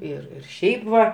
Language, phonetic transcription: Lithuanian, ˈir ir ˈšiaip va

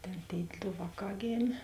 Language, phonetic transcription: Lithuanian, ˈtėn tėi ˈdo ˈvāˌkā ˈgėmė

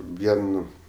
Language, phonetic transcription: Lithuanian, ˈvien

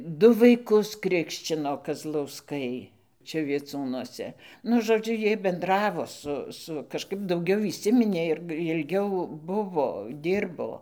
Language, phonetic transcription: Lithuanian, ˈdu vaiˈkus ˈkrikščino kazlausˈkai ˈčia vieˈcūnuose ˈnu žoˈdžiu ˈjiej benˈdravo ˈsu ˈsu kažˈkaip dauˈgiau įˈsiminė ir jilˈgiau ˈbuvo ˈdyrbo

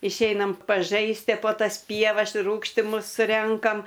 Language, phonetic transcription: Lithuanian, išˈeinam paˈžaistie po tas ˈpievas ir ˈrūgštimus ˈrenkam

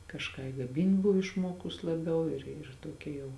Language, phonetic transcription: Lithuanian, kažˈką i ˈgamint ˈbuv išˈmuokus laˈbiau ir ir ˈtuokia jau

